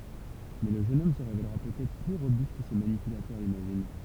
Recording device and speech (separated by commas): temple vibration pickup, read sentence